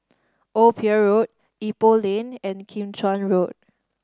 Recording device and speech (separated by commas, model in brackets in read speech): standing microphone (AKG C214), read sentence